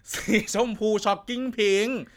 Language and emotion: Thai, happy